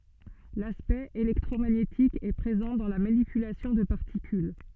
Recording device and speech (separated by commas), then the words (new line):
soft in-ear microphone, read sentence
L'aspect électromagnétique est présent dans la manipulation de particules.